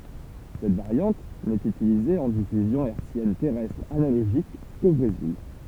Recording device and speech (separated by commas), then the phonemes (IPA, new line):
temple vibration pickup, read sentence
sɛt vaʁjɑ̃t nɛt ytilize ɑ̃ difyzjɔ̃ ɛʁtsjɛn tɛʁɛstʁ analoʒik ko bʁezil